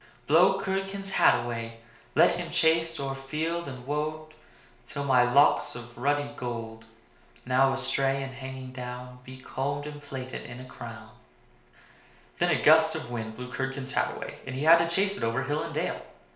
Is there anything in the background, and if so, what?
Nothing.